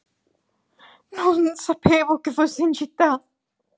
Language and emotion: Italian, fearful